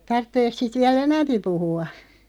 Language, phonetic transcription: Finnish, 'tartteek 'siit 'viä"l ‿enämpi 'puhu₍a ?
- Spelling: tarvitseeko siitä vielä enempi puhua

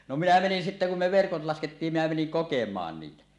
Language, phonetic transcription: Finnish, no 'minä 'menin sittä kum me "verkot 'laskettiim minä meniŋ "kokem̀aan niitä .
- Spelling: no minä menin sitten kun me verkot laskettiin minä menin kokemaan niitä

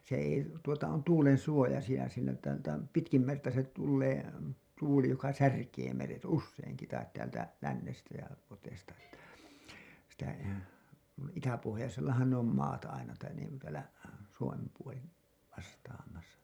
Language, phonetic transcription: Finnish, se ei , tuota on 'tuulen suojasija siinä ‿ttä täm- , 'pitkim merta se tullee , tuuli joka "särkee meret "usseiŋki tait täältä , 'lännestä ja , (lu)oteesta ‿ttä , sitä , nuin 'itäpohojasellahan ne ‿om maat aina tain niiŋku täälä , 'Suomem puoli , vastaamasa .
- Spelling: se ei tuota on tuulen suojasija siinä että - pitkin merta se tulee tuuli joka särkee meret useinkin tai täältä lännestä ja luoteesta että sitä noin itäpohjoisellahan ne on maat aina tai niin kuin täällä Suomen puoli vastaamassa

